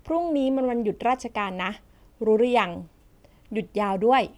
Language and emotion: Thai, neutral